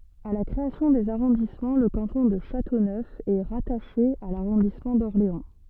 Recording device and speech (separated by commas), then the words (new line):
soft in-ear microphone, read sentence
À la création des arrondissements, le canton de Châteauneuf est rattaché à l'arrondissement d'Orléans.